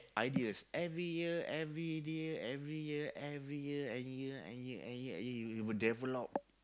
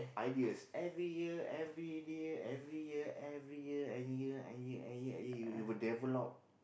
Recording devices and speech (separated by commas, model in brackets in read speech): close-talking microphone, boundary microphone, conversation in the same room